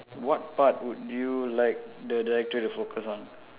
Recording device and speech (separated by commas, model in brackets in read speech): telephone, conversation in separate rooms